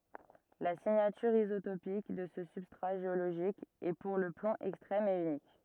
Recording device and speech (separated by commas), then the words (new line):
rigid in-ear microphone, read sentence
La signature isotopique de ce substrat géologique est pour le plomb extrême et unique.